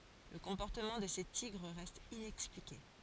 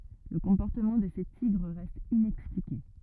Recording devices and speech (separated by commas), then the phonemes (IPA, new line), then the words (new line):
forehead accelerometer, rigid in-ear microphone, read sentence
lə kɔ̃pɔʁtəmɑ̃ də se tiɡʁ ʁɛst inɛksplike
Le comportement de ces tigres reste inexpliqué.